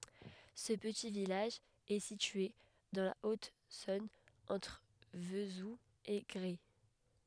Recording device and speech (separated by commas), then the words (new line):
headset microphone, read sentence
Ce petit village est situé dans la Haute-Saône entre Vesoul et Gray.